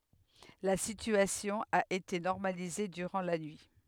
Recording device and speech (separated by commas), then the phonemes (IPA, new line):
headset microphone, read sentence
la sityasjɔ̃ a ete nɔʁmalize dyʁɑ̃ la nyi